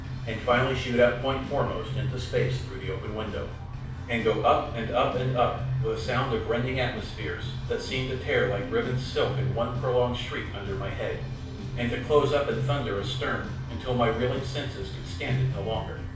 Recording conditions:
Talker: one person; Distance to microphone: 5.8 m; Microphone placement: far; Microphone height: 1.8 m; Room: medium-sized (5.7 m by 4.0 m); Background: music

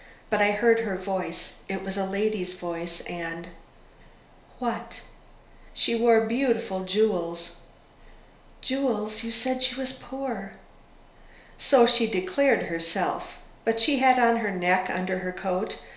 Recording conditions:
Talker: one person; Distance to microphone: 1.0 m; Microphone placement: close; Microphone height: 1.1 m; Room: small (3.7 m by 2.7 m); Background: none

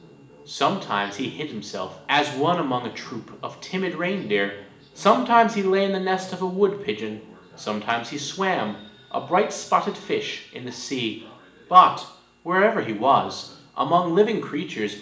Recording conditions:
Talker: one person; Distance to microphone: 1.8 m; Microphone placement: close; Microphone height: 1.0 m; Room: large; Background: television

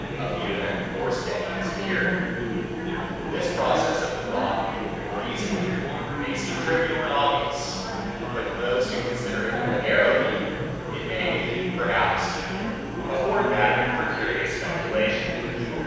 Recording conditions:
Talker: one person; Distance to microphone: 7.1 m; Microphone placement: far; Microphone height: 1.7 m; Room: very reverberant, large; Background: babble

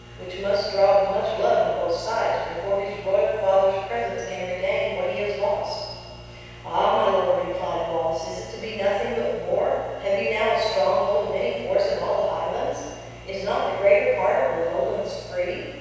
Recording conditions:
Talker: one person; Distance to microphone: 7.1 m; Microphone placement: far; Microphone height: 1.7 m; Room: very reverberant, large; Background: none

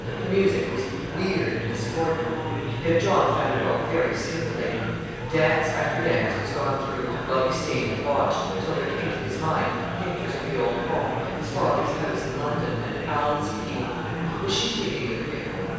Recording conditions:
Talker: one person; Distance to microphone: 7.1 m; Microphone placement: far; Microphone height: 1.7 m; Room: very reverberant, large; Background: babble

